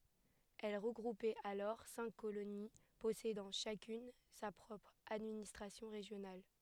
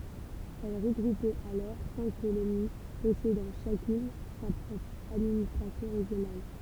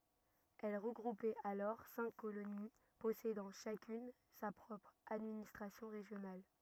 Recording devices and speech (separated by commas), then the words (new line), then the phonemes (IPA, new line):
headset microphone, temple vibration pickup, rigid in-ear microphone, read sentence
Elle regroupait alors cinq colonies possédant chacune sa propre administration régionale.
ɛl ʁəɡʁupɛt alɔʁ sɛ̃k koloni pɔsedɑ̃ ʃakyn sa pʁɔpʁ administʁasjɔ̃ ʁeʒjonal